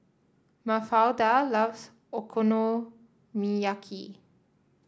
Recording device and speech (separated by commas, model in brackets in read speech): standing microphone (AKG C214), read sentence